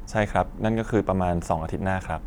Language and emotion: Thai, neutral